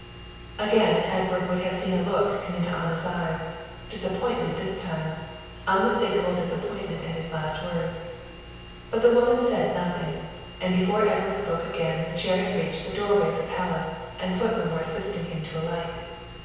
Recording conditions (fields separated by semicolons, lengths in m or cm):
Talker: one person; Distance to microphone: 7.1 m; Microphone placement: far; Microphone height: 1.7 m; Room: very reverberant, large; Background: none